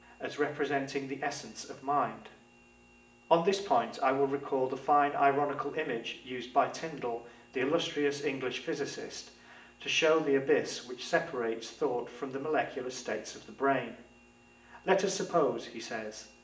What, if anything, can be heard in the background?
Nothing.